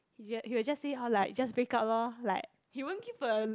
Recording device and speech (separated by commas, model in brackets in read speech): close-talking microphone, conversation in the same room